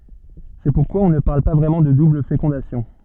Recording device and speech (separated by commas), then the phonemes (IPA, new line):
soft in-ear microphone, read sentence
sɛ puʁkwa ɔ̃ nə paʁl pa vʁɛmɑ̃ də dubl fekɔ̃dasjɔ̃